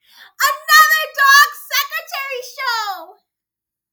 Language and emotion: English, happy